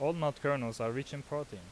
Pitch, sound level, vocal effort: 140 Hz, 88 dB SPL, normal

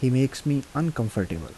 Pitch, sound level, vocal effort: 130 Hz, 78 dB SPL, soft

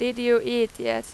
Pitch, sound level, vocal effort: 235 Hz, 93 dB SPL, very loud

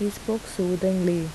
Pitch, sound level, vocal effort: 185 Hz, 78 dB SPL, normal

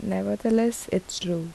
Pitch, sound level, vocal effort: 175 Hz, 75 dB SPL, soft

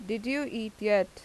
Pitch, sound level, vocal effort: 220 Hz, 87 dB SPL, normal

